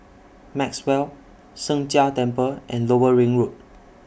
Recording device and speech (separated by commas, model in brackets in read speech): boundary microphone (BM630), read sentence